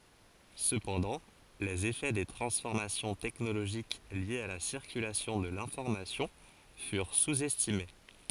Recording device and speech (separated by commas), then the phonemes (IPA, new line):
forehead accelerometer, read sentence
səpɑ̃dɑ̃ lez efɛ de tʁɑ̃sfɔʁmasjɔ̃ tɛknoloʒik ljez a la siʁkylasjɔ̃ də lɛ̃fɔʁmasjɔ̃ fyʁ suz ɛstime